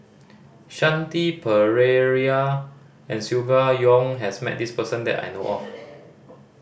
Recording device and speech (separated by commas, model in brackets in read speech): boundary microphone (BM630), read sentence